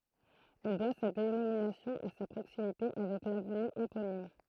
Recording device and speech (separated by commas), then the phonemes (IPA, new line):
throat microphone, read sentence
ɛl dwa sa denominasjɔ̃ a sa pʁoksimite avɛk lavny eponim